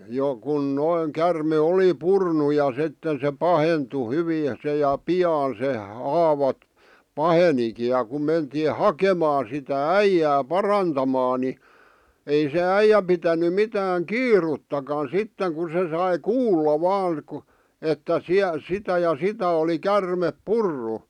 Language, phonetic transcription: Finnish, 'jo kun noiŋ kärme 'oli 'purnu ja 'sitten se 'pahentu 'hyvii se ja "pi₍aan se 'haava , "paheniki ja ku mentii "hakemaa sitä "äijää "parantamaa ni , 'ei se 'äijä pitäny 'mitääŋ "kiiruttakan̬ 'sitteŋ ku se sai "kuulla 'vaaŋ ᵏᵘ , 'että 'siä- , 'sitä ja 'sitä oli "kärmep "purru .
- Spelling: jo kun noin käärme oli purrut ja sitten se pahentui hyvin se ja pian se haava pahenikin ja kun mentiin hakemaan sitä äijää parantamaan niin ei se äijä pitänyt mitään kiirettäkään sitten kun se sai kuulla vain kun että - sitä ja sitä oli käärme purrut

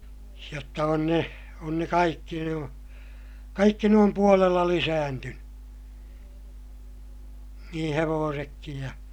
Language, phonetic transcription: Finnish, jotta on ne , on ne kaikki nuo , kaikki ne om puolella lisääntynY , niḭ hevoosekkij ja ,.
- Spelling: jotta on ne on ne kaikki nuo kaikki ne on puolella lisääntynyt niin hevosetkin ja

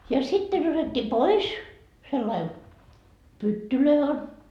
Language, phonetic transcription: Finnish, ja 'sitten otetti 'pois , sellai , pyttylöi on .
- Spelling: ja sitten otettiin pois sillä lailla pyttyjä on

